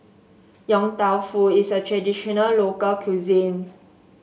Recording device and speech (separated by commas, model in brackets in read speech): mobile phone (Samsung S8), read sentence